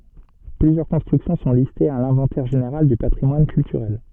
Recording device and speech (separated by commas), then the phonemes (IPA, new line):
soft in-ear microphone, read sentence
plyzjœʁ kɔ̃stʁyksjɔ̃ sɔ̃ listez a lɛ̃vɑ̃tɛʁ ʒeneʁal dy patʁimwan kyltyʁɛl